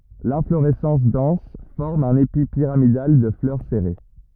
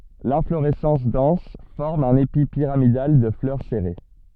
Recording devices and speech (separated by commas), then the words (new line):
rigid in-ear microphone, soft in-ear microphone, read sentence
L'inflorescence dense forme un épi pyramidal de fleurs serrées.